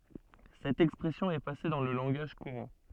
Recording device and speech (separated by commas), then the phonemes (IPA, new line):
soft in-ear microphone, read sentence
sɛt ɛkspʁɛsjɔ̃ ɛ pase dɑ̃ lə lɑ̃ɡaʒ kuʁɑ̃